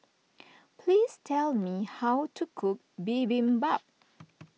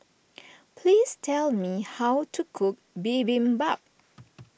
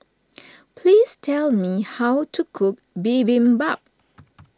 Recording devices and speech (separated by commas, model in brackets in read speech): mobile phone (iPhone 6), boundary microphone (BM630), standing microphone (AKG C214), read sentence